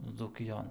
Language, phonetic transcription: Lithuanian, dzūkiˈjon

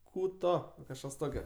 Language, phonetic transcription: Lithuanian, ˈkų ˈto kažˈkas ˈtokio

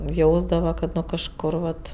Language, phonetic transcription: Lithuanian, ˈjausdava kad ˈnu kažˈkur vat

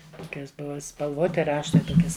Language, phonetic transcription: Lithuanian, ˈtokias ˈbuva spalˈvoti ˈraštai ˈtokias

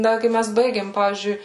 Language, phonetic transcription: Lithuanian, ˈda ˈkai ˈmes ˈbaigėm ˈpavyzdžiui

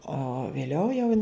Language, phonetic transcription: Lithuanian, o vėˈliau jau

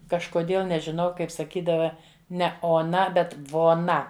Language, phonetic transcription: Lithuanian, kažkoˈdėl nežiˈnau ˈkaip saˈkydava ˈne oˈna ˈbet voˈna

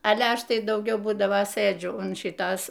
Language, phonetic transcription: Lithuanian, ˈale ˈaš ˈtai dauˈgiau ˈbūdavo ˈsɘdžiu un ˈšitos

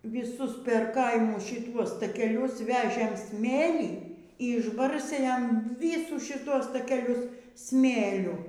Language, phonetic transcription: Lithuanian, vyˈsus per ˈkaimus šiˈtuos takeˈlius ˈvežėm ˈsmėlį y išˈbarstė ˈjam ˈvysų šiˈtuos takeˈlius ˈsmėliu

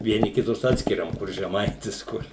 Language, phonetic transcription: Lithuanian, vieˈni kiˈtus ˈatskiriam kur žeˈmaitis ˈkur

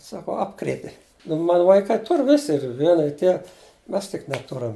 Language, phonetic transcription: Lithuanian, ˈsako ˈapkrėti nu ˈmanu vaiˈkai ˈtur ˈvisi ir ˈviena ir ˈtie ˈmes tik neˈturam

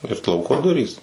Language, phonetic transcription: Lithuanian, ir ˈlauko ˈdurys

